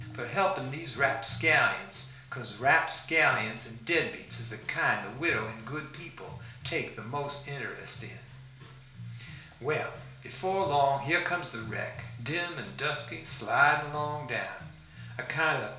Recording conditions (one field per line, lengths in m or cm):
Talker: one person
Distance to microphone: 1.0 m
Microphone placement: close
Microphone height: 1.1 m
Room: small (3.7 m by 2.7 m)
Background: music